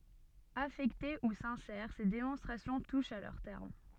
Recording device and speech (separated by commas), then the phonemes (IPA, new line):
soft in-ear microphone, read sentence
afɛkte u sɛ̃sɛʁ se demɔ̃stʁasjɔ̃ tuʃt a lœʁ tɛʁm